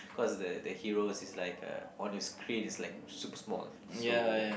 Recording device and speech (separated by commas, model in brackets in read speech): boundary microphone, conversation in the same room